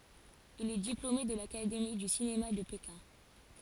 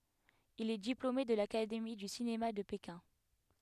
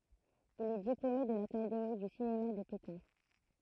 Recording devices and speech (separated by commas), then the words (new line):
forehead accelerometer, headset microphone, throat microphone, read sentence
Il est diplômé de l'académie du cinéma de Pékin.